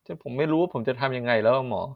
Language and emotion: Thai, frustrated